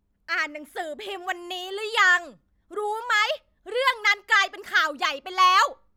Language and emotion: Thai, angry